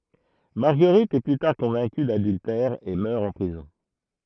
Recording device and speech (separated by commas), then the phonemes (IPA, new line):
throat microphone, read sentence
maʁɡəʁit ɛ ply taʁ kɔ̃vɛ̃ky dadyltɛʁ e mœʁ ɑ̃ pʁizɔ̃